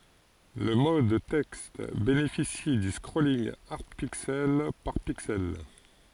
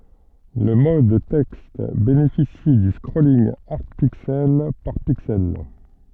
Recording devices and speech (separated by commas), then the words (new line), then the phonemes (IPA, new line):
forehead accelerometer, soft in-ear microphone, read sentence
Le mode texte bénéficie du scrolling hard pixel par pixel.
lə mɔd tɛkst benefisi dy skʁolinɡ aʁd piksɛl paʁ piksɛl